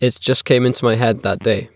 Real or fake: real